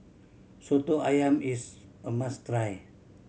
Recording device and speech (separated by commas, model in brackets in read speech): mobile phone (Samsung C7100), read sentence